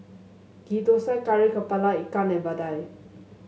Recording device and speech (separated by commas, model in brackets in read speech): mobile phone (Samsung S8), read sentence